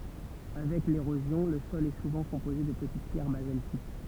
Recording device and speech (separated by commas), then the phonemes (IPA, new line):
temple vibration pickup, read sentence
avɛk leʁozjɔ̃ lə sɔl ɛ suvɑ̃ kɔ̃poze də pətit pjɛʁ bazaltik